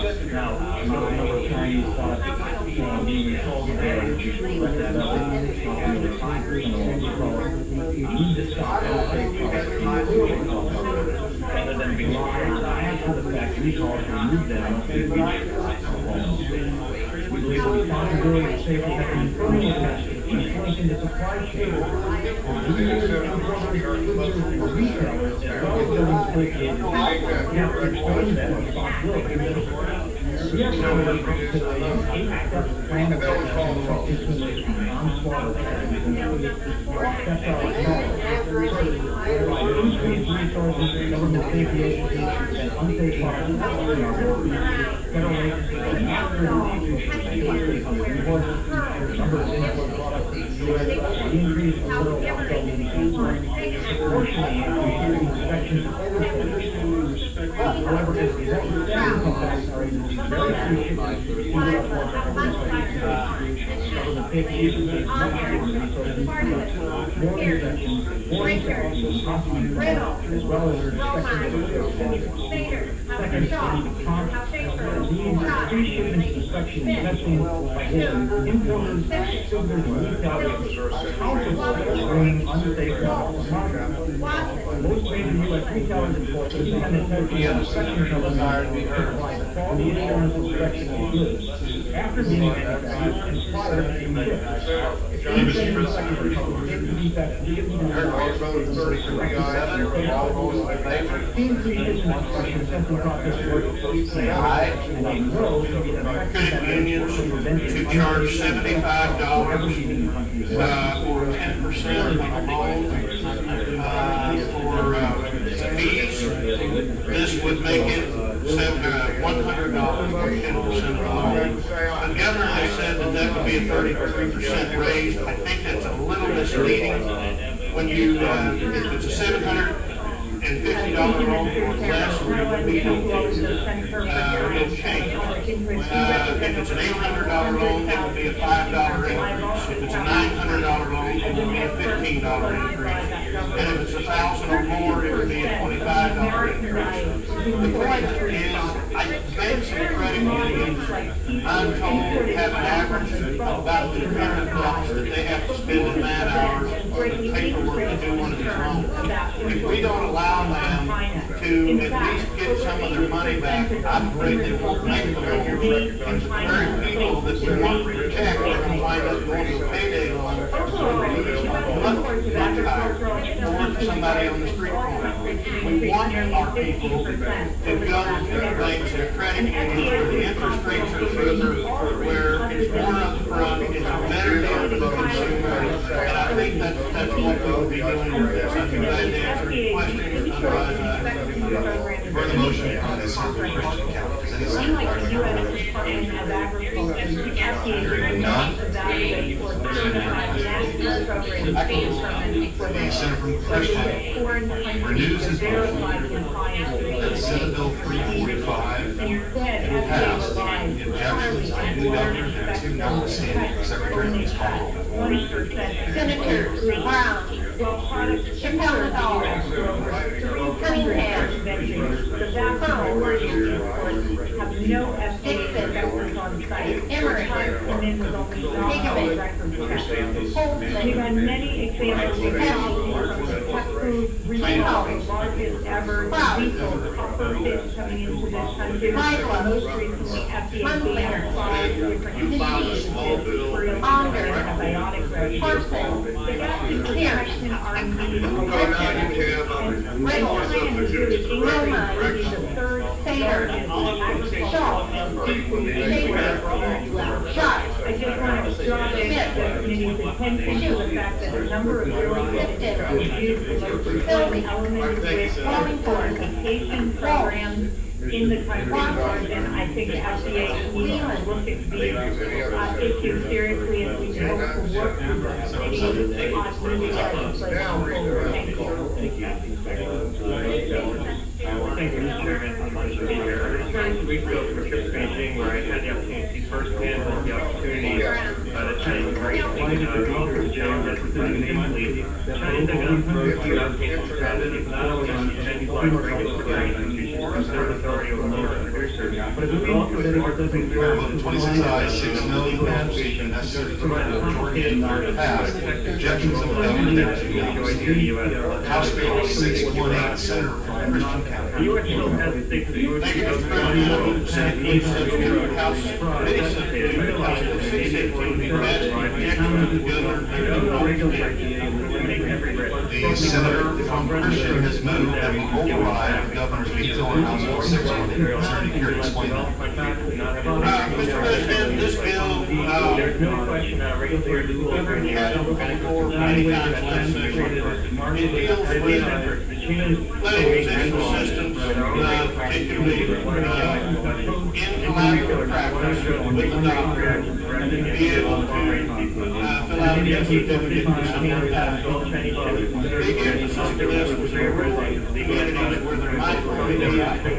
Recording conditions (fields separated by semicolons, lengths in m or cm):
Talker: no one; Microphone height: 1.8 m; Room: large; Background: babble